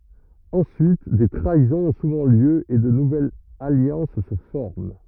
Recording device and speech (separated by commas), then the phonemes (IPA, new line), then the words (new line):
rigid in-ear microphone, read sentence
ɑ̃syit de tʁaizɔ̃z ɔ̃ suvɑ̃ ljø e də nuvɛlz aljɑ̃s sə fɔʁm
Ensuite, des trahisons ont souvent lieu et de nouvelles alliances se forment.